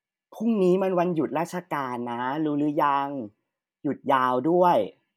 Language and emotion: Thai, neutral